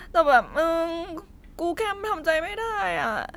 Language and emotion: Thai, sad